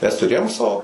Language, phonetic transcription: Lithuanian, ˈmes tuˈrėjom ˈsao

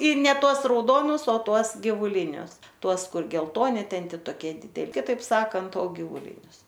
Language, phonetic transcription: Lithuanian, ir ne ˈtuos rauˈdonus o ˈtuos givuˈlinius ˈtuos ˈkur gelˈtoni ˈten ˈti toˈkie dide kiˈtaip ˈsakant o givuˈlinius

